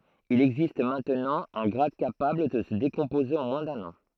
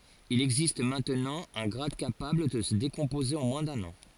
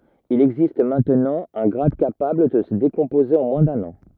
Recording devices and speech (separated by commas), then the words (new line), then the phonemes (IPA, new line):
throat microphone, forehead accelerometer, rigid in-ear microphone, read sentence
Il existe maintenant un grade capable de se décomposer en moins d'un an.
il ɛɡzist mɛ̃tnɑ̃ œ̃ ɡʁad kapabl də sə dekɔ̃poze ɑ̃ mwɛ̃ dœ̃n ɑ̃